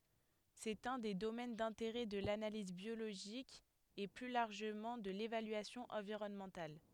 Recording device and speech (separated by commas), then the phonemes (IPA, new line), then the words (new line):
headset microphone, read sentence
sɛt œ̃ de domɛn dɛ̃teʁɛ də lanaliz bjoloʒik e ply laʁʒəmɑ̃ də levalyasjɔ̃ ɑ̃viʁɔnmɑ̃tal
C'est un des domaines d'intérêt de l'analyse biologique et plus largement de l'évaluation environnementale.